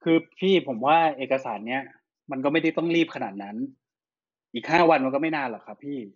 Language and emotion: Thai, frustrated